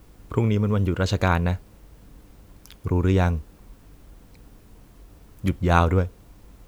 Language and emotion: Thai, neutral